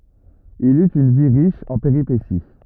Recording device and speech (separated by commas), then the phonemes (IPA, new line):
rigid in-ear microphone, read sentence
il yt yn vi ʁiʃ ɑ̃ peʁipesi